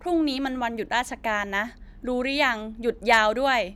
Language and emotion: Thai, frustrated